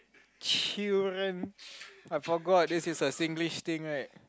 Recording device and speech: close-talking microphone, conversation in the same room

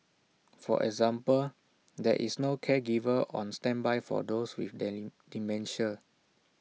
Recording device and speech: mobile phone (iPhone 6), read sentence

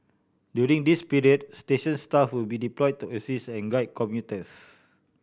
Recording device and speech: boundary microphone (BM630), read sentence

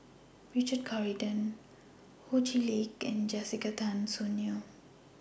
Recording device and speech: boundary microphone (BM630), read sentence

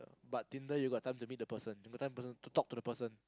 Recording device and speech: close-talking microphone, conversation in the same room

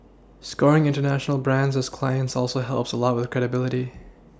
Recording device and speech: standing microphone (AKG C214), read sentence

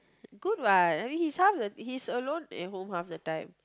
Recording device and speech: close-talking microphone, conversation in the same room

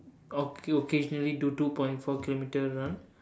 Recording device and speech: standing microphone, conversation in separate rooms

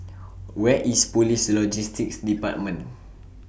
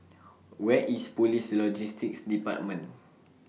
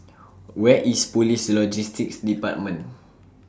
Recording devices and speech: boundary microphone (BM630), mobile phone (iPhone 6), standing microphone (AKG C214), read sentence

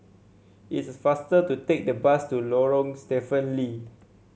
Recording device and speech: mobile phone (Samsung C7), read sentence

